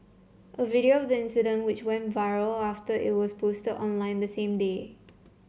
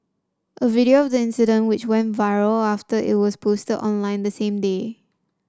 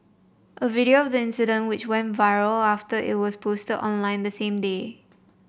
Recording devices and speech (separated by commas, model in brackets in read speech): mobile phone (Samsung C7), standing microphone (AKG C214), boundary microphone (BM630), read sentence